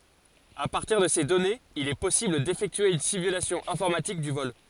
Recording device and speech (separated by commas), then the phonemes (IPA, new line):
forehead accelerometer, read sentence
a paʁtiʁ də se dɔnez il ɛ pɔsibl defɛktye yn simylasjɔ̃ ɛ̃fɔʁmatik dy vɔl